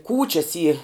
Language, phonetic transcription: Lithuanian, ˈkūčias y

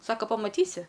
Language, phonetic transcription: Lithuanian, ˈsaka pamaˈtysi

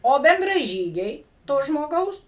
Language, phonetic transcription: Lithuanian, ˈo bendraˈžygiai to žmoˈgaus

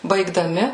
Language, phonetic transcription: Lithuanian, baigdaˈmi

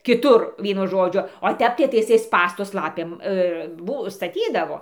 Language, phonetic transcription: Lithuanian, kiˈtur ˈvienu ˈžodžiu o ˈtep tai ˈtai iˈsai ˈspąstus ˈlapėm ˈbu staˈtydavo

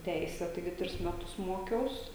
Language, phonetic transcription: Lithuanian, ˈteise taiˈgi ˈtris ˈmetus ˈmokiaus

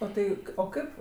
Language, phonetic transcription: Lithuanian, o ˈtai o ˈkaip

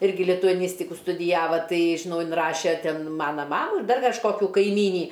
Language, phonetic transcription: Lithuanian, ˈirgi lituaˈnystiku studiˈjava ˈtai žiˈnau inˈraše ˈten ˈmana ˈmamų ir ˈdar kažˈkokiu kaiˈmynį

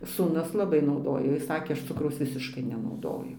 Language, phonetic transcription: Lithuanian, sūˈnus laˈbai nauˈdojo ˈjis ˈsakė ˈaš ˈcukraus ˈvisiškai nenauˈdoju

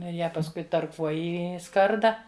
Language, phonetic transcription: Lithuanian, ˈnu ir ˈją pasˈkui tarˈkuoji i ˈskarda

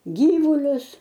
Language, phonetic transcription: Lithuanian, ˈgyvulius

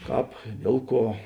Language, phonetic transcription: Lithuanian, ˈkāp ˈdiel ˌkuo

